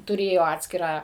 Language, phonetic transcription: Lithuanian, tuˈrėjo ˈatskirą

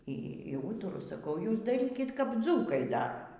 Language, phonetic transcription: Lithuanian, ˈy ˈy ˈūturu saˈkau ˈjūs daˈrykit kap ˈdzūkai ˈdara

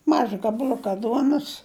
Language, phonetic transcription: Lithuanian, ˈmaža gabaˈl'uka ˈduonus

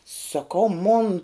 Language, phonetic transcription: Lithuanian, sakau mon

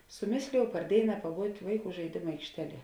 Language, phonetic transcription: Lithuanian, suˈmėslėjau par ˈdėina paˈbūt' ˈvaiˌkų žaiˈdėmu aikšˈteˌlie

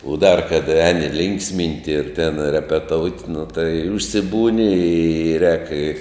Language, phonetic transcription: Lithuanian, u ˈdar kad ˈeni ˈlinksˌminti ir ten repeˈtout' nu tai užsiˈbūni i rēk i

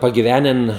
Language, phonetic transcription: Lithuanian, pagiˈvenen

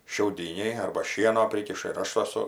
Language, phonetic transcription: Lithuanian, šiauˈdyniai arba ˈšieno ˈprykiša ir ˈaš aˈsu

